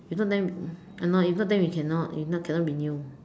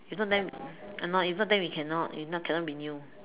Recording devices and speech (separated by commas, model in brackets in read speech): standing microphone, telephone, conversation in separate rooms